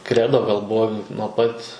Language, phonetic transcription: Lithuanian, ˈkredo gal ˈbuvo nuo ˈpat

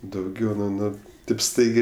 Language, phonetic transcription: Lithuanian, dauˈgiau nu ˈnu taip ˈstaigė

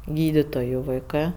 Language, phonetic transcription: Lithuanian, ˈgyditoju vaiˈkɜ

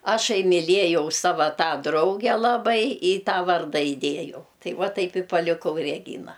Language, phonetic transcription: Lithuanian, ˈašai miˈliejau ˈsava ˈtą ˈdrauge ˈlabai i ˈtą ˈvarda iˈdėjau ˈtai ˈva ˈtaip i paliˈkau reˈgyna

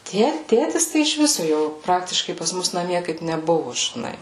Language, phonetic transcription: Lithuanian, ˈtie ˈtėtis ˈtai iš ˈvisu ˈjo ˈpraktiškai pas ˈmus naˈmie kaip neˈbuvu žiˈnai

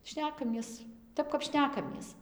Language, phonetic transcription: Lithuanian, ˈšnekamies ˈtep kap ˈšnekamies

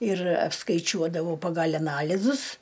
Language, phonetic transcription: Lithuanian, ir apskaiˈčiuodavau pagal' aˈnalizus

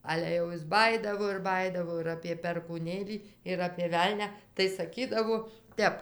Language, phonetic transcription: Lithuanian, ˈale jau ˈjis ˈbajydavo ir ˈbajydavo ir apė perkūˈnėlį ir apė ˈvelnia tai saˈkydavo ˈtep

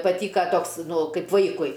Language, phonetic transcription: Lithuanian, paˈtyka ˈtoks ˈnu ˈkaip ˈvaikui

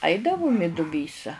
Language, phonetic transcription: Lithuanian, ˈaidavum i duˈbysa

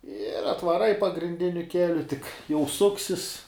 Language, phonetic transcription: Lithuanian, ir atvaˈrai pagrinˈdiniu ˈkeliu tik jau ˈsuksis

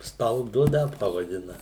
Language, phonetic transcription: Lithuanian, stalˈdu ˈnet pavaˈdina

